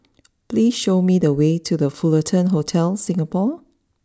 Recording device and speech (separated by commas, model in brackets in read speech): standing microphone (AKG C214), read sentence